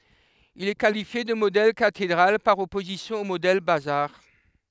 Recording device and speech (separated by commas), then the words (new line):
headset microphone, read sentence
Il est qualifié de modèle cathédrale par opposition au modèle bazar.